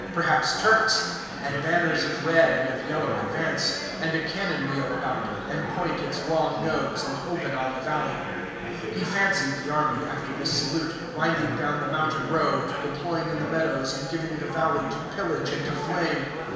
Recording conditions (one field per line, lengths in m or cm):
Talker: one person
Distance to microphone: 1.7 m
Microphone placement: close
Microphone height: 1.0 m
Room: very reverberant, large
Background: babble